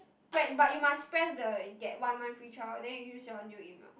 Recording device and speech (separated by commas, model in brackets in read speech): boundary microphone, conversation in the same room